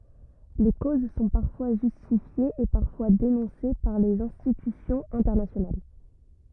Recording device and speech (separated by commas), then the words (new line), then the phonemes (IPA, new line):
rigid in-ear microphone, read sentence
Les causes sont parfois justifiées et parfois dénoncées par les institutions internationales.
le koz sɔ̃ paʁfwa ʒystifjez e paʁfwa denɔ̃se paʁ lez ɛ̃stitysjɔ̃z ɛ̃tɛʁnasjonal